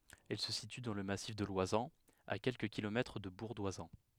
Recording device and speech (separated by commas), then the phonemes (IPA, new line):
headset microphone, read sentence
ɛl sə sity dɑ̃ lə masif də lwazɑ̃z a kɛlkə kilomɛtʁ də buʁ dwazɑ̃